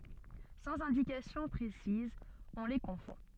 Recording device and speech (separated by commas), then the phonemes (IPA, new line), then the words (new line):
soft in-ear microphone, read sentence
sɑ̃z ɛ̃dikasjɔ̃ pʁesizz ɔ̃ le kɔ̃fɔ̃
Sans indications précises, on les confond.